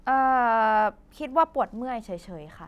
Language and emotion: Thai, neutral